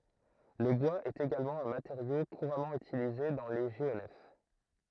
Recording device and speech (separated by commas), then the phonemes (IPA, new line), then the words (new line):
throat microphone, read sentence
lə bwaz ɛt eɡalmɑ̃ œ̃ mateʁjo kuʁamɑ̃ ytilize dɑ̃ le ʒeonɛf
Le bois est également un matériau couramment utilisé dans les géonefs.